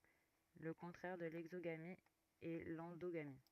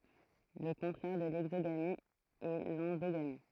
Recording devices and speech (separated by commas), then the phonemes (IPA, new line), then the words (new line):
rigid in-ear microphone, throat microphone, read sentence
lə kɔ̃tʁɛʁ də lɛɡzoɡami ɛ lɑ̃doɡami
Le contraire de l'exogamie est l'endogamie.